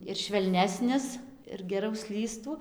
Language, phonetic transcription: Lithuanian, ir švelˈnesnis ir geˈrau ˈslystų

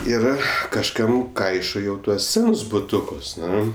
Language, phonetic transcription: Lithuanian, ˈir kažˈkam ˈkaišo jau ˈtuos ˈsenus buˈtukus ˈnu

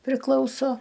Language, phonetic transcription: Lithuanian, priˈklauso

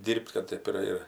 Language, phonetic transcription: Lithuanian, ˈdyr'b't' kad ˈtɜp ir ir

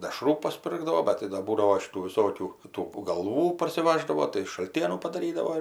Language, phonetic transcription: Lithuanian, deˈšrų pasˈpirkdavo ˈbet tai da ˈbūdavo šiˈtų viˈsokių tų galˈvų parsiˈvaždavo tai šalˈtienų padaˈrydavo ir

